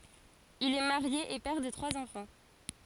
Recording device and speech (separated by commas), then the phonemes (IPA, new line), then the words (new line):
forehead accelerometer, read sentence
il ɛ maʁje e pɛʁ də tʁwaz ɑ̃fɑ̃
Il est marié et père de trois enfants.